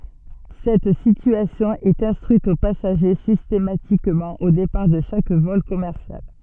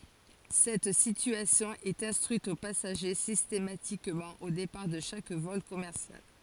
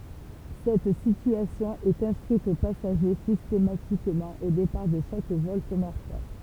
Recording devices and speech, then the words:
soft in-ear microphone, forehead accelerometer, temple vibration pickup, read sentence
Cette situation est instruite aux passagers systématiquement au départ de chaque vol commercial.

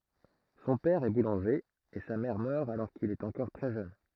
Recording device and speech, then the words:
throat microphone, read sentence
Son père est boulanger, et sa mère meurt alors qu'il est encore très jeune.

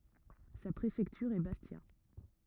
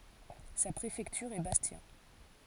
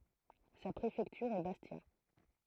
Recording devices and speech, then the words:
rigid in-ear microphone, forehead accelerometer, throat microphone, read sentence
Sa préfecture est Bastia.

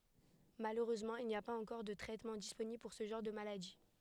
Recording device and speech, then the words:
headset microphone, read sentence
Malheureusement, il n'y a pas encore de traitements disponibles pour ce genre de maladies.

